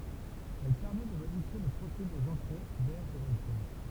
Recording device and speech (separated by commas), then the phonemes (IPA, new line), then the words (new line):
temple vibration pickup, read sentence
ɛl pɛʁmɛt də modifje lə pʁofil dez ɑ̃tʁe dɛʁ dy ʁeaktœʁ
Elle permettent de modifier le profil des entrées d'air du réacteur.